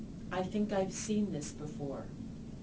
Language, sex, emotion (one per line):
English
female
neutral